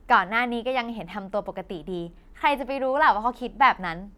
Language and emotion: Thai, happy